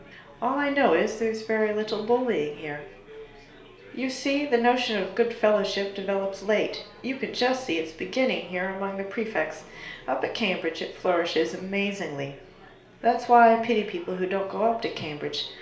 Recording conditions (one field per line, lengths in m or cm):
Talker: one person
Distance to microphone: 1.0 m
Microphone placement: close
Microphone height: 1.1 m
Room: small (3.7 m by 2.7 m)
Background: babble